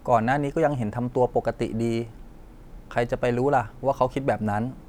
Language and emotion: Thai, neutral